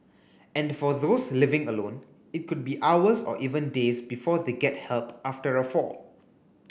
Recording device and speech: boundary microphone (BM630), read sentence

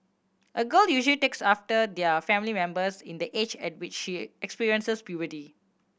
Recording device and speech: boundary microphone (BM630), read sentence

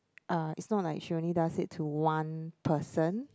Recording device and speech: close-talking microphone, conversation in the same room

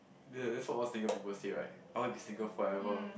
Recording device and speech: boundary microphone, conversation in the same room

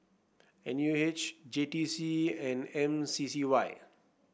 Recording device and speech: boundary microphone (BM630), read sentence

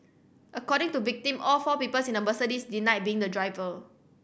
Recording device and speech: boundary microphone (BM630), read sentence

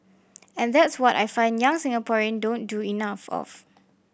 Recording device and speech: boundary microphone (BM630), read sentence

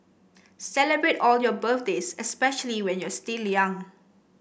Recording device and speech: boundary microphone (BM630), read sentence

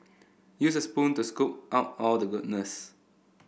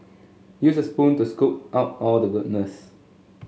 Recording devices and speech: boundary microphone (BM630), mobile phone (Samsung S8), read sentence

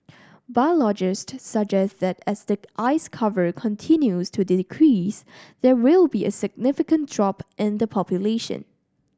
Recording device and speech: standing microphone (AKG C214), read sentence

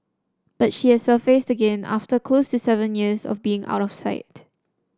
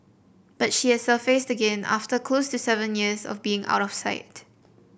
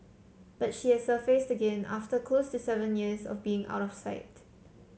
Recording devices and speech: standing microphone (AKG C214), boundary microphone (BM630), mobile phone (Samsung C7), read sentence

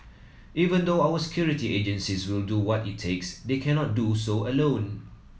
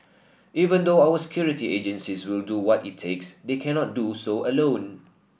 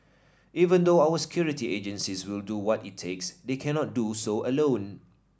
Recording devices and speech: mobile phone (iPhone 7), boundary microphone (BM630), standing microphone (AKG C214), read sentence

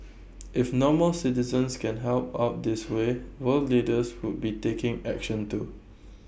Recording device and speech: boundary microphone (BM630), read sentence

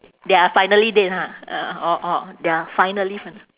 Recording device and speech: telephone, conversation in separate rooms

